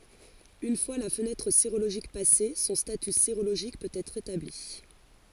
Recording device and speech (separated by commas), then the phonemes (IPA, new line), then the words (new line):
forehead accelerometer, read sentence
yn fwa la fənɛtʁ seʁoloʒik pase sɔ̃ staty seʁoloʒik pøt ɛtʁ etabli
Une fois la fenêtre sérologique passée, son statut sérologique peut être établi.